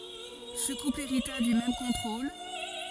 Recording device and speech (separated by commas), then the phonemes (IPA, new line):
forehead accelerometer, read sentence
sə kupl eʁita dy mɛm kɔ̃tʁol